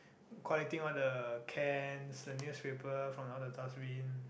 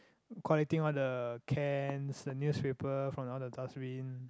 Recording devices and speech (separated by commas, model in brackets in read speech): boundary microphone, close-talking microphone, conversation in the same room